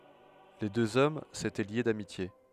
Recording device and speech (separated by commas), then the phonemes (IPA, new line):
headset microphone, read sentence
le døz ɔm setɛ lje damitje